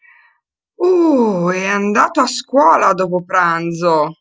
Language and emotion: Italian, surprised